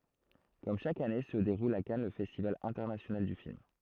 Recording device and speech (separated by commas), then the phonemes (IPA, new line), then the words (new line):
throat microphone, read sentence
kɔm ʃak ane sə deʁul a kan lə fɛstival ɛ̃tɛʁnasjonal dy film
Comme chaque année se déroule à Cannes le festival international du film.